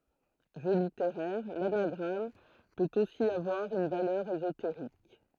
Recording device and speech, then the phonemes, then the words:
throat microphone, read sentence
ʒø liteʁɛʁ lanaɡʁam pøt osi avwaʁ yn valœʁ ezoteʁik
Jeu littéraire, l'anagramme peut aussi avoir une valeur ésotérique.

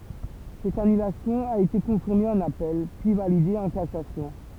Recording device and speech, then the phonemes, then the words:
temple vibration pickup, read sentence
sɛt anylasjɔ̃ a ete kɔ̃fiʁme ɑ̃n apɛl pyi valide ɑ̃ kasasjɔ̃
Cette annulation a été confirmée en appel, puis validée en cassation.

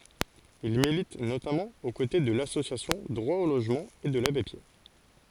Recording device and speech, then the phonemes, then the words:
forehead accelerometer, read sentence
il milit notamɑ̃ o kote də lasosjasjɔ̃ dʁwa o loʒmɑ̃ e də labe pjɛʁ
Il milite notamment aux côtés de l'association Droit au logement et de l'Abbé Pierre.

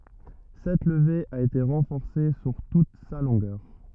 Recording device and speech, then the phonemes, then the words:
rigid in-ear microphone, read sentence
sɛt ləve a ete ʁɑ̃fɔʁse syʁ tut sa lɔ̃ɡœʁ
Cette levée a été renforcée sur toute sa longueur.

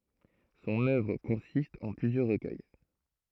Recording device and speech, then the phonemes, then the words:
throat microphone, read sentence
sɔ̃n œvʁ kɔ̃sist ɑ̃ plyzjœʁ ʁəkœj
Son œuvre consiste en plusieurs recueils.

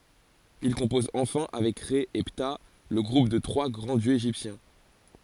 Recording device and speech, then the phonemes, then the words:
forehead accelerometer, read sentence
il kɔ̃pɔz ɑ̃fɛ̃ avɛk ʁɛ e pta lə ɡʁup de tʁwa ɡʁɑ̃ djøz eʒiptjɛ̃
Il compose enfin avec Rê et Ptah le groupe des trois grands dieux égyptiens.

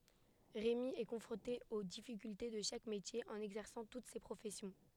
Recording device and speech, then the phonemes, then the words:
headset microphone, read sentence
ʁemi ɛ kɔ̃fʁɔ̃te o difikylte də ʃak metje ɑ̃n ɛɡzɛʁsɑ̃ tut se pʁofɛsjɔ̃
Rémi est confronté aux difficultés de chaque métier en exerçant toutes ces professions.

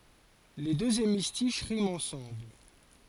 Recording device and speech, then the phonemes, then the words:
forehead accelerometer, read sentence
le døz emistiʃ ʁimt ɑ̃sɑ̃bl
Les deux hémistiches riment ensemble.

